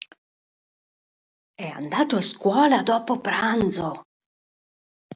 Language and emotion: Italian, surprised